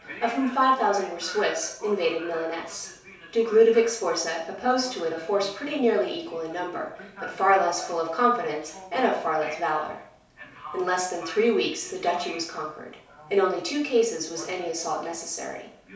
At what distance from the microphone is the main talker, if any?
3.0 m.